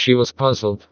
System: TTS, vocoder